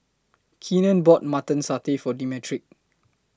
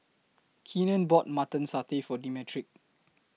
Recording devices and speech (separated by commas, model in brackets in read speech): close-talking microphone (WH20), mobile phone (iPhone 6), read sentence